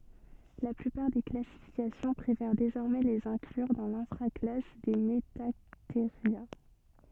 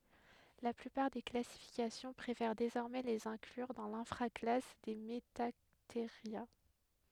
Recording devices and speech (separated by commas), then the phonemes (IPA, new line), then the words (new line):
soft in-ear microphone, headset microphone, read sentence
la plypaʁ de klasifikasjɔ̃ pʁefɛʁ dezɔʁmɛ lez ɛ̃klyʁ dɑ̃ lɛ̃fʁa klas de mətateʁja
La plupart des classifications préfèrent désormais les inclure dans l'infra-classe des Metatheria.